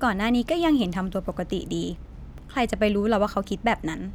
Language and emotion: Thai, neutral